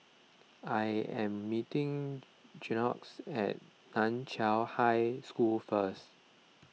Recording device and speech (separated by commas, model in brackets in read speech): mobile phone (iPhone 6), read sentence